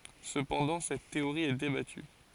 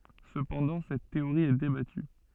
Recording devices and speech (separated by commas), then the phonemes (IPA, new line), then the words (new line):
forehead accelerometer, soft in-ear microphone, read sentence
səpɑ̃dɑ̃ sɛt teoʁi ɛ debaty
Cependant, cette théorie est débattue.